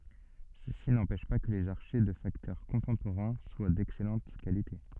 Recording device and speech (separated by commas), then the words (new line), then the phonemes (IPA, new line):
soft in-ear microphone, read sentence
Ceci n'empêche pas que les archets de facteurs contemporains soient d'excellente qualité.
səsi nɑ̃pɛʃ pa kə lez aʁʃɛ də faktœʁ kɔ̃tɑ̃poʁɛ̃ swa dɛksɛlɑ̃t kalite